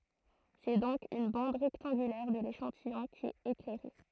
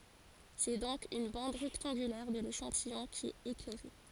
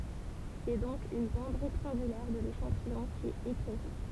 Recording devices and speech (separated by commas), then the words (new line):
throat microphone, forehead accelerometer, temple vibration pickup, read sentence
C'est donc une bande rectangulaire de l'échantillon qui est éclairée.